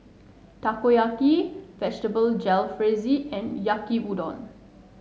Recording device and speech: mobile phone (Samsung S8), read sentence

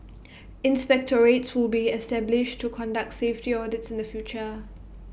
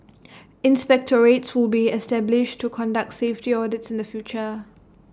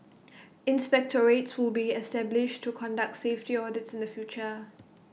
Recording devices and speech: boundary microphone (BM630), standing microphone (AKG C214), mobile phone (iPhone 6), read sentence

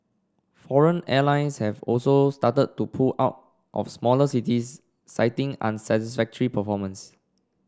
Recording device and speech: standing microphone (AKG C214), read sentence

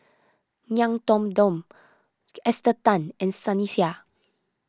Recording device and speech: close-talking microphone (WH20), read sentence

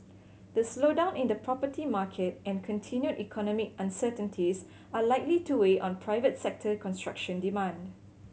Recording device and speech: mobile phone (Samsung C7100), read sentence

